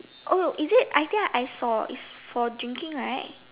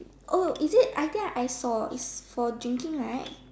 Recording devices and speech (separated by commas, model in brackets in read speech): telephone, standing microphone, conversation in separate rooms